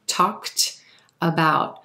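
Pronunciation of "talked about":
'Talked about' is said as two distinct words, with 'talked' ending in a k-t sound.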